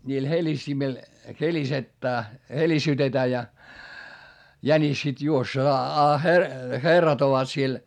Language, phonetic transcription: Finnish, ńiil heĺistimil , helisettää , helisytetää ja , jänis sit juoss- , a herrat ovat siel .
- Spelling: niillä helistimillä helistetään helisytetään ja jänis sitten - a herrat ovat siellä

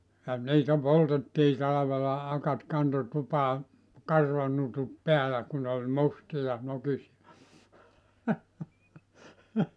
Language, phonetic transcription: Finnish, ja , niitä 'poltettii 'talavela 'akat 'kanto 'tupaa , "karvanutut 'peälä ku nᵉ ‿ol 'mustija , 'nokisi₍a .
- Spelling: ja niitä poltettiin talvella akat kantoi tupaan karvanutut päällä kun ne oli mustia nokisia

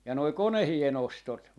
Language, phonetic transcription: Finnish, ja noi "konehi₍e'n ‿ostot .
- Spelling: ja nuo koneiden ostot

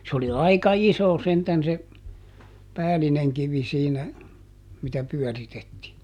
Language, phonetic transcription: Finnish, se ‿oli ˈaika "iso sentän se , "päälineŋ ˈkivi siinä , mitä ˈpyɔ̈̀ritettii .
- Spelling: se oli aika iso sentään se päällinen kivi siinä mitä pyöritettiin

